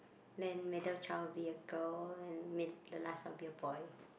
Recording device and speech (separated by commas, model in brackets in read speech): boundary microphone, conversation in the same room